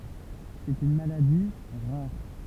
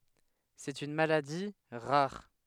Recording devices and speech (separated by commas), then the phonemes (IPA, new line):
temple vibration pickup, headset microphone, read sentence
sɛt yn maladi ʁaʁ